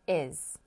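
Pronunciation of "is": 'He's' is said here with the h sound dropped, so it sounds like 'is'.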